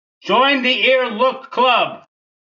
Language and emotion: English, disgusted